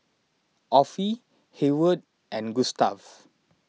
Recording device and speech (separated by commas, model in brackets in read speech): mobile phone (iPhone 6), read sentence